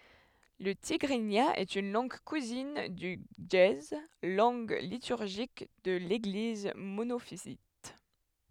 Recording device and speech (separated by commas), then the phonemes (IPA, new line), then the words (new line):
headset microphone, read sentence
lə tiɡʁinja ɛt yn lɑ̃ɡ kuzin dy ʒəe lɑ̃ɡ lityʁʒik də leɡliz monofizit
Le tigrinya est une langue cousine du ge'ez, langue liturgique de l'Église monophysite.